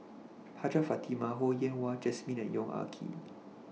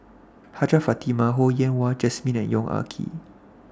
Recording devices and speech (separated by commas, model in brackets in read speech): mobile phone (iPhone 6), standing microphone (AKG C214), read sentence